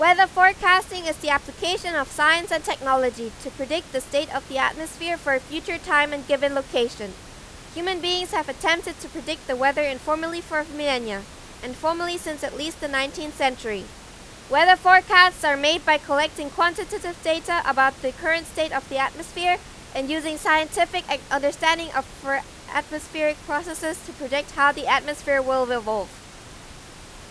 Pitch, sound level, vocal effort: 300 Hz, 96 dB SPL, very loud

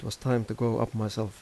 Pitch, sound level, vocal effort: 110 Hz, 82 dB SPL, soft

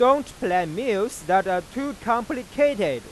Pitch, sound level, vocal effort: 230 Hz, 101 dB SPL, very loud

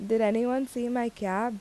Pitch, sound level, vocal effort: 235 Hz, 82 dB SPL, normal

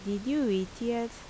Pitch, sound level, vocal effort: 230 Hz, 80 dB SPL, normal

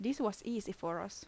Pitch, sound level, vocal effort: 215 Hz, 78 dB SPL, normal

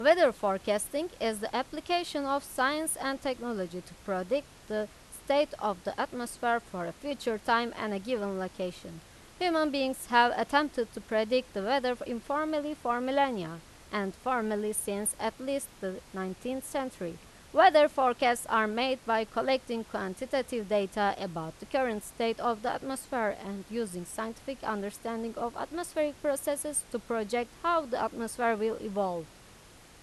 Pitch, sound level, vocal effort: 235 Hz, 90 dB SPL, loud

